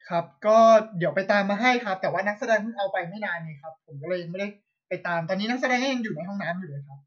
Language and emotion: Thai, neutral